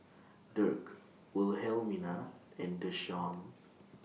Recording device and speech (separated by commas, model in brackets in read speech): mobile phone (iPhone 6), read sentence